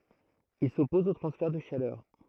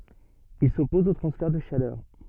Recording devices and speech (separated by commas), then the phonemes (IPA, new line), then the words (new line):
throat microphone, soft in-ear microphone, read sentence
il sɔpɔz o tʁɑ̃sfɛʁ də ʃalœʁ
Il s'oppose aux transferts de chaleur.